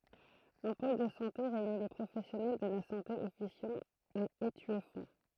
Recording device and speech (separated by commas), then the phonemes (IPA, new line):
throat microphone, read sentence
œ̃ pol də sɑ̃te ʁeyni le pʁofɛsjɔnɛl də la sɑ̃te ɔfisjɑ̃ a etyɛfɔ̃